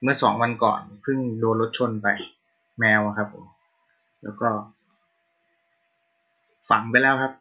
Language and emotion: Thai, sad